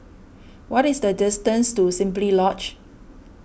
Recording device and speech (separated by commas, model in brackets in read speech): boundary microphone (BM630), read sentence